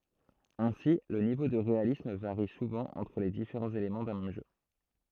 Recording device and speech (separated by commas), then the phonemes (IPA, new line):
throat microphone, read sentence
ɛ̃si lə nivo də ʁealism vaʁi suvɑ̃ ɑ̃tʁ le difeʁɑ̃z elemɑ̃ dœ̃ mɛm ʒø